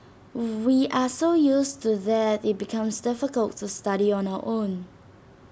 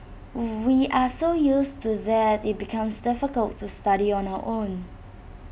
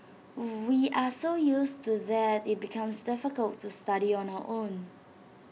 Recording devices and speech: standing microphone (AKG C214), boundary microphone (BM630), mobile phone (iPhone 6), read sentence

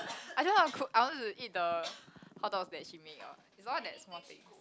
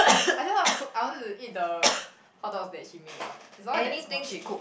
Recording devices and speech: close-talking microphone, boundary microphone, conversation in the same room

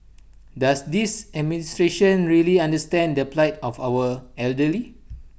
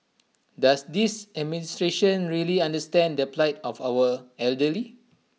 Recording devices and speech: boundary microphone (BM630), mobile phone (iPhone 6), read sentence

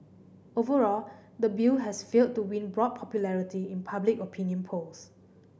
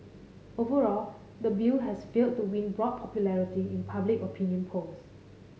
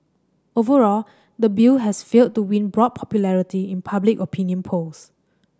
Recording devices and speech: boundary microphone (BM630), mobile phone (Samsung C5010), standing microphone (AKG C214), read sentence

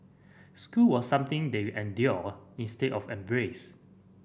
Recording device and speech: boundary microphone (BM630), read sentence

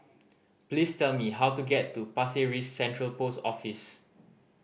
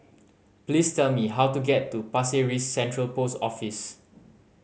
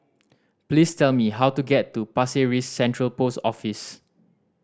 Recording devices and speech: boundary microphone (BM630), mobile phone (Samsung C5010), standing microphone (AKG C214), read sentence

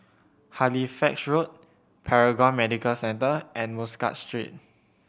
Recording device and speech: boundary microphone (BM630), read sentence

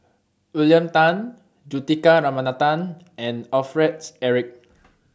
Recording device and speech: standing microphone (AKG C214), read sentence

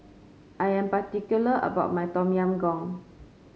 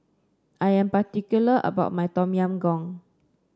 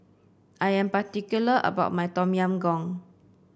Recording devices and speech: mobile phone (Samsung C5), standing microphone (AKG C214), boundary microphone (BM630), read sentence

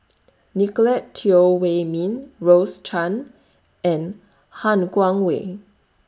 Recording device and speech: standing microphone (AKG C214), read sentence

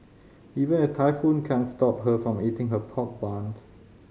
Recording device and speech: mobile phone (Samsung C5010), read sentence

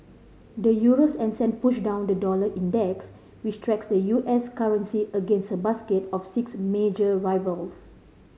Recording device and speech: mobile phone (Samsung C5010), read sentence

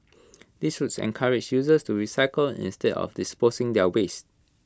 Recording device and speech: close-talking microphone (WH20), read sentence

